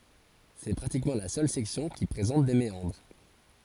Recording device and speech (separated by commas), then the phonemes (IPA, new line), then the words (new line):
forehead accelerometer, read sentence
sɛ pʁatikmɑ̃ la sœl sɛksjɔ̃ ki pʁezɑ̃t de meɑ̃dʁ
C'est pratiquement la seule section qui présente des méandres.